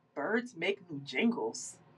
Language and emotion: English, disgusted